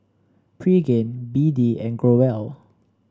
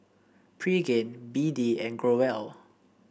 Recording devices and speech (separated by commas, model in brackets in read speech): standing microphone (AKG C214), boundary microphone (BM630), read sentence